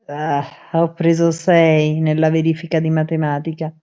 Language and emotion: Italian, disgusted